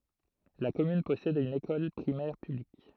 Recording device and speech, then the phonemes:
throat microphone, read sentence
la kɔmyn pɔsɛd yn ekɔl pʁimɛʁ pyblik

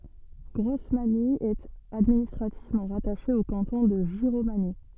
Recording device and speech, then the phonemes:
soft in-ear microphone, read sentence
ɡʁɔsmaɲi ɛt administʁativmɑ̃ ʁataʃe o kɑ̃tɔ̃ də ʒiʁomaɲi

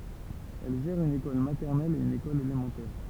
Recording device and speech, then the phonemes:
temple vibration pickup, read sentence
ɛl ʒɛʁ yn ekɔl matɛʁnɛl e yn ekɔl elemɑ̃tɛʁ

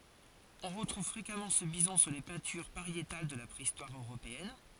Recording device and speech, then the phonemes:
forehead accelerometer, read sentence
ɔ̃ ʁətʁuv fʁekamɑ̃ sə bizɔ̃ syʁ le pɛ̃tyʁ paʁjetal də la pʁeistwaʁ øʁopeɛn

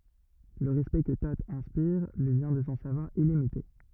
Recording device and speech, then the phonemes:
rigid in-ear microphone, read sentence
lə ʁɛspɛkt kə to ɛ̃spiʁ lyi vjɛ̃ də sɔ̃ savwaʁ ilimite

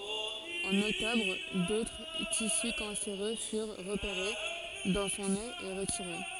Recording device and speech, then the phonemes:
forehead accelerometer, read sentence
ɑ̃n ɔktɔbʁ dotʁ tisy kɑ̃seʁø fyʁ ʁəpeʁe dɑ̃ sɔ̃ nez e ʁətiʁe

